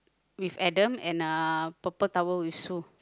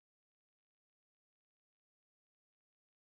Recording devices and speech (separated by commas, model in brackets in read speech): close-talking microphone, boundary microphone, conversation in the same room